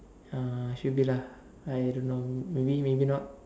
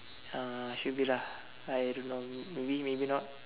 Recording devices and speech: standing microphone, telephone, conversation in separate rooms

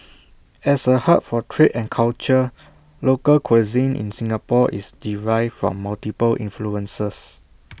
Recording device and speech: boundary microphone (BM630), read sentence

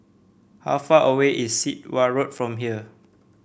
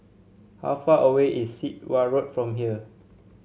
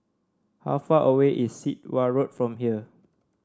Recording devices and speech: boundary microphone (BM630), mobile phone (Samsung C7), standing microphone (AKG C214), read sentence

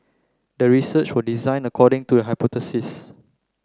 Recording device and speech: close-talking microphone (WH30), read sentence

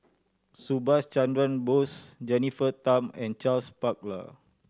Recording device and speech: standing microphone (AKG C214), read sentence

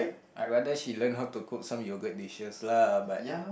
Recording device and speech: boundary microphone, conversation in the same room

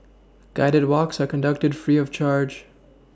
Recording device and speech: standing microphone (AKG C214), read sentence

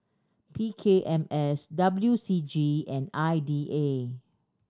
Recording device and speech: standing microphone (AKG C214), read sentence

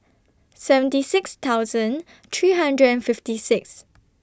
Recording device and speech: standing microphone (AKG C214), read sentence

